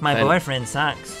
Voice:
Nasal voice